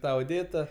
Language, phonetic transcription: Lithuanian, ˈtą oˈdėta

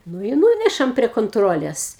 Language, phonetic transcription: Lithuanian, ˈnu i ˈnūnešam prie konˈtrolės

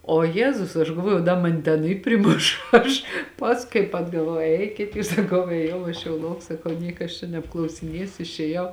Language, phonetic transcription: Lithuanian, o ˈjezus aš galˈvojau da ˈmani ˈten i priˈmuš ˈaš ˈpask kaip atgaˈvau ˈeikit jūs saˈkau ėˈjau aš jau ˈlauk saˈkau ˈnieka aš čia nebklausiˈniesiu išėˈjau

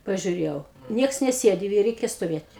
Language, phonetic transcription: Lithuanian, pažiuˈrėjau ˈnieks neˈsėdi i ˈreikia stoˈvėt'

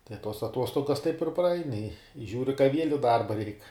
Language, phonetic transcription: Lithuanian, tai tuos aˈtuostogas taip ir praˈain i ˈžiūri ka viel' i ˈdarba reik

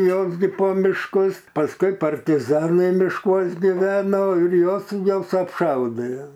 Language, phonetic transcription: Lithuanian, ˈjos gi po mišˈkus pasˈkui partiˈzanai mišˈkuos giˈveno ir ˈjuos ˈjuos apˈšaudė

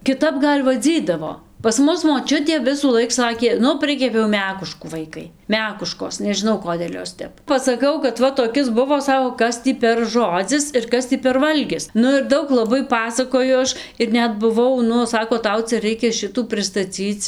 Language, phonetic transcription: Lithuanian, kiˈtap ˈgal' vaˈdzydavo pas ˈmus moˈčiutė visųˈlaik ˈsakė ˈnu ˈprikepiau ˈmekuškų ˈvaikai ˈmekuškos nežiˈnau ˈkodėl' ˈjos ˈtep pasaˈkau kad ˈva toˈkis ˈbuvo ˈsako ˈkas tį per ˈžodzis ir ˈkas tį per ˈvalgis ˈnu ir ˈdaug laˈbai ˈpasakoju ˈaš ir ˈnet buˈvau ˈnu ˈsako ˈtau ˈcia ˈreikia ˈšitų pristaˈcyc

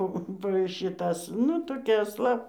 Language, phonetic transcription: Lithuanian, ˈpo po šiˈtas ˈnu toˈkia asˈla

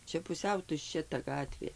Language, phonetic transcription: Lithuanian, ˈčia puˈsiau tušˈčia ta ˈgatvė

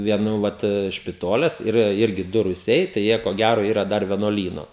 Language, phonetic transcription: Lithuanian, vieˈnų ˈvat špiˈtoles yˈra ˈirgi ˈdu ruˈsiai tai ˈjie ko ˈgæro ˈyra ˈdar vienuoˈlyno

